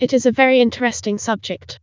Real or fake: fake